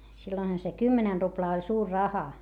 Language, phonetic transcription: Finnish, silloinha se kymmenɛn ruplaa oĺ suur raha .
- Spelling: silloinhan se kymmenen ruplaa oli suuri raha

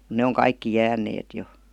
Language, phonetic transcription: Finnish, mu 'ne oŋ "kaikki 'jääǹeet jo .
- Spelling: mutta ne on kaikki jääneet jo

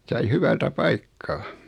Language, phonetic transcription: Finnish, sai 'hyvältä 'paikkaa .
- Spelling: sain hyvältä paikkaa

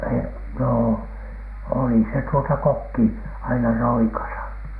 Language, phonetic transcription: Finnish, e- , noo , oli se tuota "kokki , aina 'roikasa .
- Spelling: - no oli se tuota kokki aina roikassa

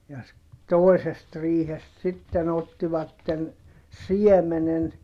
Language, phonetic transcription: Finnish, ja ‿s- , toesest riihest sitten ‿ottivatten , siɛmenen .
- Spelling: ja - toisesta riihestä sitten ottivat siemenen

